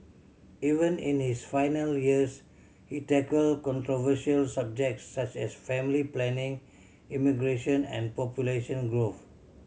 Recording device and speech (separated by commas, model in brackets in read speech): mobile phone (Samsung C7100), read sentence